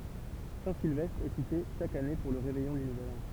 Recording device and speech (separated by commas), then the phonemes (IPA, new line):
temple vibration pickup, read sentence
sɛ̃tsilvɛstʁ ɛ site ʃak ane puʁ lə ʁevɛjɔ̃ dy nuvɛl ɑ̃